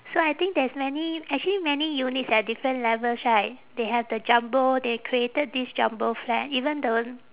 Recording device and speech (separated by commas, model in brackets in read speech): telephone, conversation in separate rooms